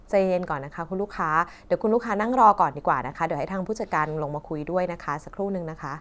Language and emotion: Thai, neutral